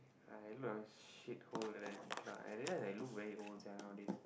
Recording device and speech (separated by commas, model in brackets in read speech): boundary microphone, conversation in the same room